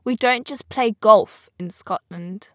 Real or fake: real